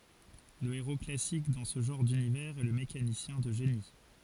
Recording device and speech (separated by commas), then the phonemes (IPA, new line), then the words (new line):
forehead accelerometer, read sentence
lə eʁo klasik dɑ̃ sə ʒɑ̃ʁ dynivɛʁz ɛ lə mekanisjɛ̃ də ʒeni
Le héros classique dans ce genre d'univers est le mécanicien de génie.